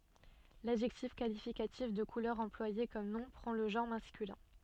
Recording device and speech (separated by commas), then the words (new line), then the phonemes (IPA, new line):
soft in-ear microphone, read sentence
L’adjectif qualificatif de couleur employé comme nom prend le genre masculin.
ladʒɛktif kalifikatif də kulœʁ ɑ̃plwaje kɔm nɔ̃ pʁɑ̃ lə ʒɑ̃ʁ maskylɛ̃